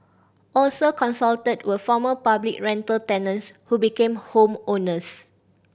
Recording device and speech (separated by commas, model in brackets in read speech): boundary microphone (BM630), read sentence